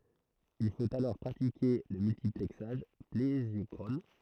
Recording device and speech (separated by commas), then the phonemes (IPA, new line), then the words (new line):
throat microphone, read sentence
il fot alɔʁ pʁatike lə myltiplɛksaʒ plezjɔkʁɔn
Il faut alors pratiquer le multiplexage plésiochrone.